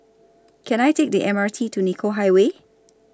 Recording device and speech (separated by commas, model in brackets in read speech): standing microphone (AKG C214), read sentence